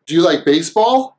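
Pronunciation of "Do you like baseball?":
In 'Do you', the oo sound of 'do' is cut off, so only the d sound is left, and it joins onto 'you'.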